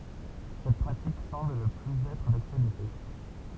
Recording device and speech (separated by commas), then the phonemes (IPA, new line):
temple vibration pickup, read sentence
sɛt pʁatik sɑ̃bl nə plyz ɛtʁ daktyalite